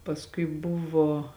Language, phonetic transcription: Lithuanian, pasˈkui ˈbuvo

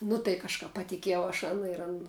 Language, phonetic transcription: Lithuanian, nu tai kažˈkap patiˈkiejau aš ˈana ir ˈan

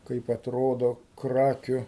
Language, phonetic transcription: Lithuanian, ˈkaip atˈrodo ˈkrakiu

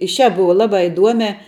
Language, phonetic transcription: Lithuanian, i šiāp ˈbuva ˈlabā iˈduomiā

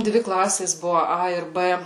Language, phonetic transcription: Lithuanian, ˈdvi ˈklasės ˈbuvu ˈa ir ˈbɘ

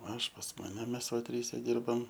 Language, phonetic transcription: Lithuanian, ˈaš pas ˈmane ˈmes va ˈtryse ˈdirbam

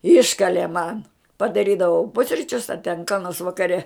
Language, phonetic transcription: Lithuanian, ˈiškalė man padaˈrydavau ˈpusričius a ten ka nors vakaˈre

